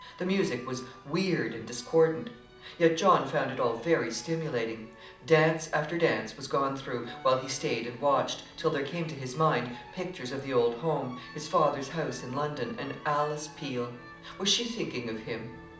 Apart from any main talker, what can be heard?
Music.